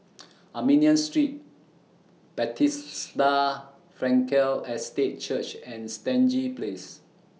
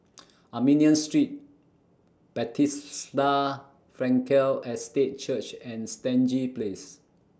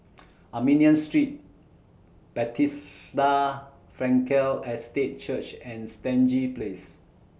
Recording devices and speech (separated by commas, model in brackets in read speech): mobile phone (iPhone 6), standing microphone (AKG C214), boundary microphone (BM630), read sentence